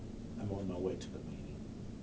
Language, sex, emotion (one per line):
English
male
neutral